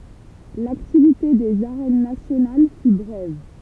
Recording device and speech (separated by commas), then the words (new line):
temple vibration pickup, read sentence
L'activité des Arènes nationales fut brève.